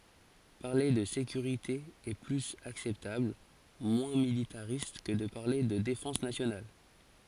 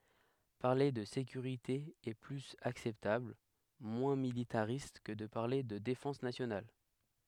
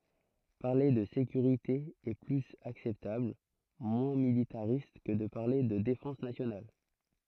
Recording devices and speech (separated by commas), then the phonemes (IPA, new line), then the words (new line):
forehead accelerometer, headset microphone, throat microphone, read sentence
paʁle də sekyʁite ɛ plyz aksɛptabl mwɛ̃ militaʁist kə də paʁle də defɑ̃s nasjonal
Parler de sécurité est plus acceptable, moins militariste que de parler de défense nationale.